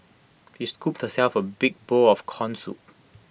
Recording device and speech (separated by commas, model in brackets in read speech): boundary microphone (BM630), read sentence